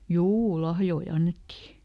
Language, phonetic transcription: Finnish, ˈjuu "lahjoi ˈannetti !
- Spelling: juu lahjoja annettiin

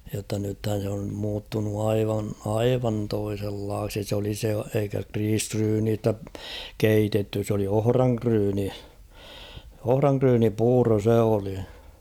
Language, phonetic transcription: Finnish, jotta nythän̬ se om muuttunu 'aivan , "aivan 'toisellaaksi s ‿oli se , eikä 'kriisryyniistä , "keitetty s ‿oli 'ohraŋkryyni , 'ohraŋkryyni'puuro 'se oli .
- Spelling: jotta nythän se on muuttunut aivan aivan toisenlaiseksi se oli se eikä riisiryynistä keitetty se oli ohranryyni ohranryynipuuro se oli

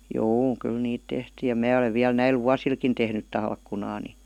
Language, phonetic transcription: Finnish, juu , 'kyl 'niit tehtii ja "mää olev viäl 'näil "vuasilkin tehnyt 'talkkunaa ni ,.
- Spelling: juu kyllä niitä tehtiin ja minä olen vielä näillä vuosillakin tehnyt talkkunaa niin

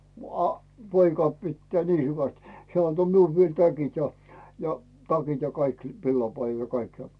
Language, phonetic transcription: Finnish, m- a , 'poika 'pittää "nii 'hyväst , 'heä̀ anto 'miul 'viel "täkit ja , ja "takit ja 'kaik , "villapaijjan̬ ja 'kaik ja .
- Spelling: - a poika pitää niin hyvästi hän antoi minulle vielä täkit ja ja takit ja kaikki villapaidan ja kaikki ja

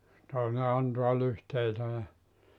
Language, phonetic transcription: Finnish, 'tòine 'antua 'lyhteitä ja ,.
- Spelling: toinen antaa lyhteitä ja

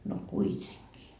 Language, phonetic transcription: Finnish, no "kuiteŋkii .
- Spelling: no kuitenkin

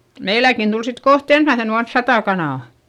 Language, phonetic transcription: Finnish, meiläkin Dul sit koht ‿ensmäisen ‿uans satà kanà .
- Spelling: meilläkin tuli sitten kohta ensimmäisenä vuonna sata kanaa

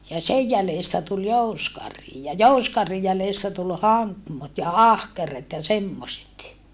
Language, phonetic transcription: Finnish, ja sej jälèstä tul jouskarhi ja jouskarhij jälèstä tul haŋkmot ja ahkeret ja semmoset .
- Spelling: ja sen jäljestä tuli jousikarhi ja jousikarhin jäljestä tuli hankmot ja ahkeret ja semmoiset

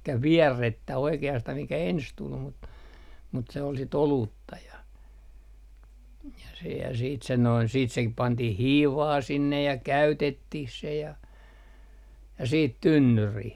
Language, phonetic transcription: Finnish, elikkä "viärrettä oike₍astah mikä "ens 'tul mut , mut se ol sit "oluutta ja , ja sehää siit sen noin siit se 'pantih "hiivaa 'sinnej ja , "käytettih se ja , ja siit "tynnyrih .
- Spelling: eli vierrettä oikeastaan mikä ensin tuli mutta mutta se oli sitten olutta ja ja sehän sitten sen noin sitten se pantiin hiivaa sinne ja käytettiin se ja ja sitten tynnyriin

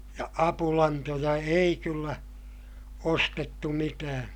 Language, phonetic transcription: Finnish, ja apulantoja ei kyllä , ostettu mitää .
- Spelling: ja apulantoja ei kyllä ostettu mitään

